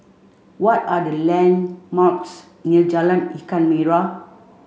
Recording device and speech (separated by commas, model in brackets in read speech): mobile phone (Samsung C5), read sentence